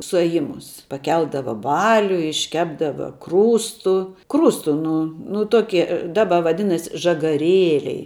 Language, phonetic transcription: Lithuanian, suaˈjimus paˈkeldava ˈbaliu išˈkepdava ˈkrūstu ˈkrūstu ˈnu nu ˈtoki ˈdaba vaˈdinas' žagaˈrėliai

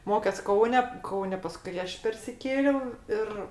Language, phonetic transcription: Lithuanian, ˈmokes ˈkaune ˈkaune paˈskui ˈaš persiˈkėliau ˈir

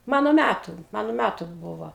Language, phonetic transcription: Lithuanian, ˈmano ˈmætu ˈmano ˈmætu ˈbūvo

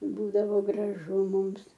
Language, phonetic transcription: Lithuanian, ˈbūdavo graˈžu ˈmums

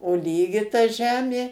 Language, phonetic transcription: Lithuanian, o ˈlygi ta ˈžemė

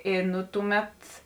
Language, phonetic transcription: Lithuanian, i ˈnu tuˌmet

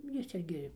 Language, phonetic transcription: Lithuanian, ˈjis ˈirgi

